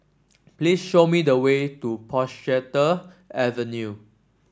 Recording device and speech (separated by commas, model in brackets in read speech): standing microphone (AKG C214), read sentence